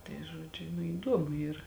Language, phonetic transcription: Lithuanian, tai ˈžuodžiu nu įˈduomu ˈyra

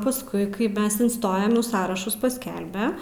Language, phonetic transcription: Lithuanian, pasˈkui kai ˈmes inˈstojom ˈnu ˈsąrašus pasˈkelbe

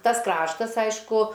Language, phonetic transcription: Lithuanian, ˈtas ˈkraštas ˈaišku

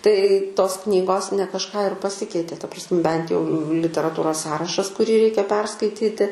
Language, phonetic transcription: Lithuanian, tai ˈtos ˈknygos ne kažˈką ir paˈsikeitė ta pras ˈbent jau literaˈtūros ˈsąrašas kuˈrį ˈreikia ˈperskaityti

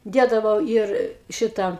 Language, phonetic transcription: Lithuanian, ˈdėdavau ˈyr ˈšita

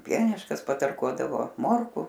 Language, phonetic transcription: Lithuanian, ˈpieniškas patarˈkuodavo ˈmorku

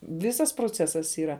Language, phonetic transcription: Lithuanian, ˈvisas proˈcesas yˈra

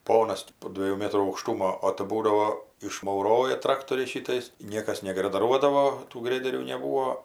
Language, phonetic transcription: Lithuanian, ˈponas ti po ˈdviejų ˈmėtrų aukˈštumo o tɜ ˈbūdavo išmauˈroja ˈtraktoriais ˈšytais ˈniekas negradaˈruodavo tų ˈgrederių neˈbūo

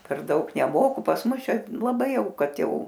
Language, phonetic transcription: Lithuanian, per ˈdaug neˈmoku pas ˈmus ˈčia laˈbai ˈjau ˈkad ˈjau

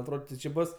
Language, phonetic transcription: Lithuanian, atˈrod ti či ˈbus

